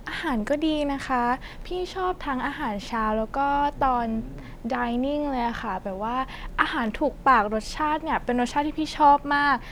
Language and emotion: Thai, happy